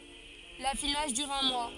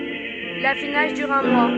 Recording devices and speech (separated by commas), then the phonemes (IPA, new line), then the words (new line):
forehead accelerometer, soft in-ear microphone, read sentence
lafinaʒ dyʁ œ̃ mwa
L'affinage dure un mois.